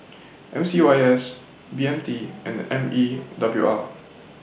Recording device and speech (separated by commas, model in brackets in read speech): boundary microphone (BM630), read sentence